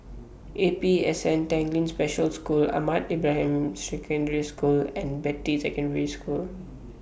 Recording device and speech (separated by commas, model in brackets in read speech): boundary microphone (BM630), read sentence